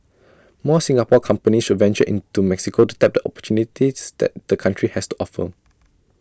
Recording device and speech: standing microphone (AKG C214), read sentence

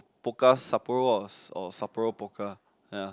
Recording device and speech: close-talking microphone, conversation in the same room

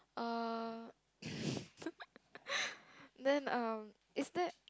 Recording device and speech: close-talking microphone, conversation in the same room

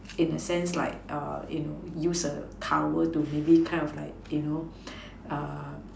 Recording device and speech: standing microphone, conversation in separate rooms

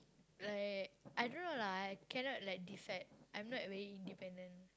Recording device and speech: close-talking microphone, conversation in the same room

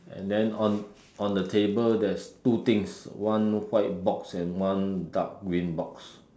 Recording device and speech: standing microphone, conversation in separate rooms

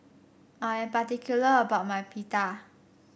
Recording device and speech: boundary microphone (BM630), read sentence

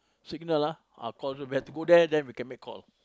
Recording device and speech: close-talking microphone, conversation in the same room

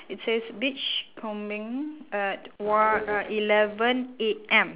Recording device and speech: telephone, conversation in separate rooms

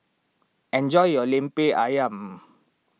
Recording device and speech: mobile phone (iPhone 6), read sentence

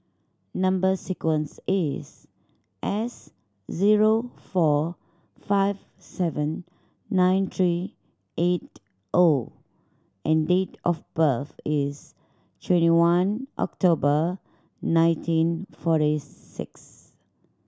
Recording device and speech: standing microphone (AKG C214), read sentence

